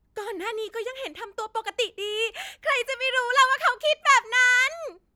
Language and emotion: Thai, happy